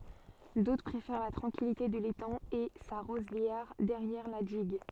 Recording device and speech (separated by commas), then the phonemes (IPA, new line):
soft in-ear microphone, read sentence
dotʁ pʁefɛʁ la tʁɑ̃kilite də letɑ̃ e sa ʁozljɛʁ dɛʁjɛʁ la diɡ